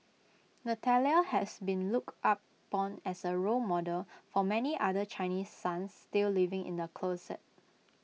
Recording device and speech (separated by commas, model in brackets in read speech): mobile phone (iPhone 6), read sentence